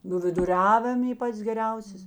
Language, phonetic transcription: Lithuanian, nū viduˈriavim ˈy ˈpats geˈriausės

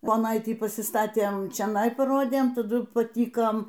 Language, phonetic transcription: Lithuanian, poˈnaitį pasiˈstatėm čioˈnai paˈrodėm taˈdu paˈtykom

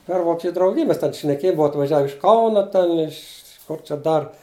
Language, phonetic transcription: Lithuanian, per ˈvokečiu drauˈgij mes ˈten šneˈkėj ˈbuva atvaˈžiav iš ˈkauna ten iš kur čia ˈdar

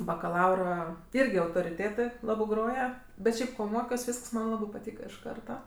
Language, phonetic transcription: Lithuanian, bakaˈlaura ˈirgi autoriˈtėtɜ ˈlabɜ ˈgroja bet ˈšiaip ˈko ˈmokios ˈvysks man ˈlabɜ paˈtyka iš ˈkarta

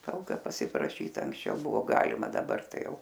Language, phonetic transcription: Lithuanian, ˈtalka pasipraˈšyt anksˈčiau ˈbuvo ˈgalima daˈbar ˈtai ˈjau

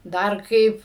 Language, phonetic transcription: Lithuanian, ˈdar ˈkaip

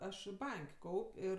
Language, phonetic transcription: Lithuanian, ˈaš ˈbank' ˈkaup' ˈir

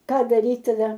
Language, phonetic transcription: Lithuanian, ˈką daˈryt taˈda

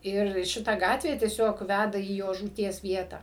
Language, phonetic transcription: Lithuanian, ˈir ˈšita ˈgatvė tieˈsiog ˈvæda į ˈjo žūˈties ˈvietą

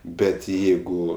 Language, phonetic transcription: Lithuanian, ˈbet ˈjeigu

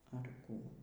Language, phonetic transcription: Lithuanian, ar ˈkų

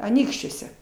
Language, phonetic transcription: Lithuanian, aˈnykščiuose

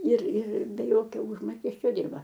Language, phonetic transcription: Lithuanian, ir ir be ˈjokio ˈužmokesčio ˈdirba

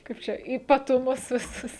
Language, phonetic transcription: Lithuanian, ˈkaip čia ypatuˈmus viˈsus

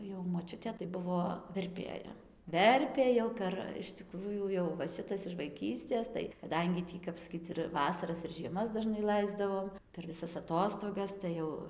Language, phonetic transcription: Lithuanian, jau moˈčiutė tai ˈbuvo verˈpėja ˈverpė jau ˈper iš tiˈkrųjų jau va ˈšitas iž vaiˈkystės tai kaˈdangi ˈtį kap saˈkyc ir ˈvasaras ir žieˈmas daˈžnai ˈlaisdavom per viˈsas aˈtostogas tai ˈjau

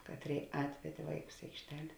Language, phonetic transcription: Lithuanian, ˈkatˌrėi ˈatvedė ˈvaiˌkus i aikšˈtel'

